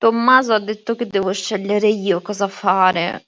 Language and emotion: Italian, sad